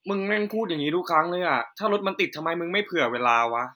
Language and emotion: Thai, frustrated